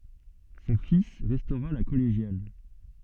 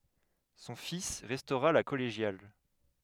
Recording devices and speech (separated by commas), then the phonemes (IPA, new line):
soft in-ear microphone, headset microphone, read sentence
sɔ̃ fis ʁɛstoʁa la kɔleʒjal